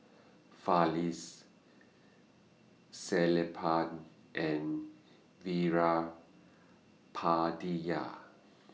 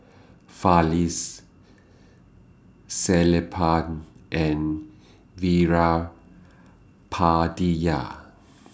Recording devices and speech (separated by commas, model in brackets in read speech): mobile phone (iPhone 6), standing microphone (AKG C214), read sentence